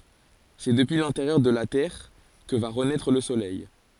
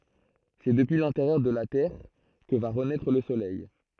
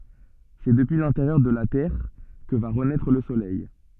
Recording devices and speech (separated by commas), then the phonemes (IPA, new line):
forehead accelerometer, throat microphone, soft in-ear microphone, read sentence
sɛ dəpyi lɛ̃teʁjœʁ də la tɛʁ kə va ʁənɛtʁ lə solɛj